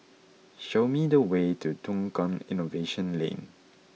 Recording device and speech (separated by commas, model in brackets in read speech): mobile phone (iPhone 6), read sentence